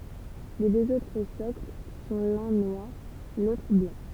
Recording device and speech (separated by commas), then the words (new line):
temple vibration pickup, read sentence
Les deux autres socles sont l'un noir, l'autre blanc.